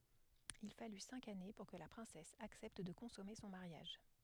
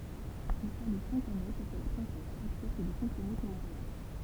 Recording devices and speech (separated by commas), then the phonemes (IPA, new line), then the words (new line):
headset microphone, temple vibration pickup, read sentence
il faly sɛ̃k ane puʁ kə la pʁɛ̃sɛs aksɛpt də kɔ̃sɔme sɔ̃ maʁjaʒ
Il fallut cinq années pour que la princesse accepte de consommer son mariage.